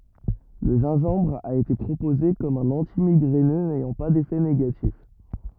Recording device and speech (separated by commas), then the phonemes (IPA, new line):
rigid in-ear microphone, read sentence
lə ʒɛ̃ʒɑ̃bʁ a ete pʁopoze kɔm œ̃n ɑ̃timiɡʁɛnø nɛjɑ̃ pa defɛ neɡatif